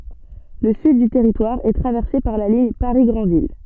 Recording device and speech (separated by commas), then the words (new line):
soft in-ear microphone, read sentence
Le sud du territoire est traversé par la ligne Paris-Granville.